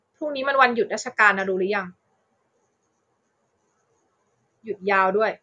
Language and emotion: Thai, frustrated